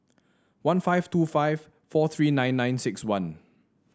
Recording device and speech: standing microphone (AKG C214), read sentence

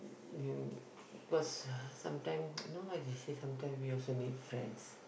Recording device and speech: boundary microphone, conversation in the same room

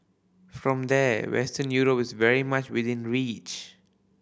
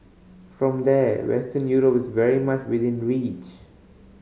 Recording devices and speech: boundary microphone (BM630), mobile phone (Samsung C5010), read sentence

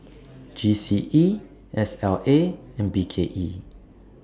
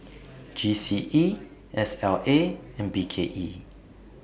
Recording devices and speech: standing microphone (AKG C214), boundary microphone (BM630), read sentence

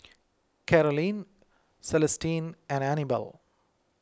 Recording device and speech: close-talking microphone (WH20), read sentence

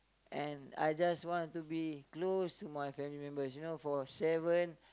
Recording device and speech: close-talking microphone, conversation in the same room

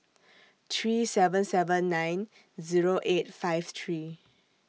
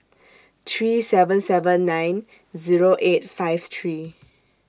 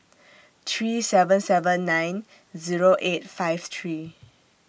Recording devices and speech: mobile phone (iPhone 6), standing microphone (AKG C214), boundary microphone (BM630), read sentence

